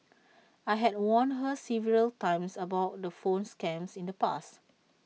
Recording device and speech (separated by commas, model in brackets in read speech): mobile phone (iPhone 6), read sentence